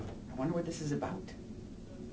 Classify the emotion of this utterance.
neutral